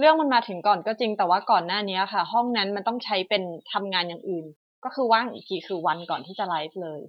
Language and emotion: Thai, frustrated